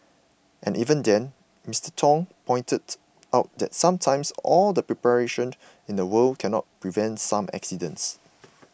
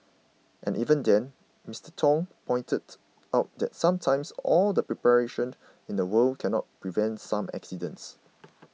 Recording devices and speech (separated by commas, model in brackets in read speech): boundary microphone (BM630), mobile phone (iPhone 6), read sentence